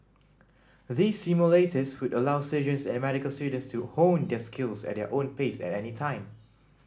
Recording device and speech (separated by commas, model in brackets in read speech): standing microphone (AKG C214), read sentence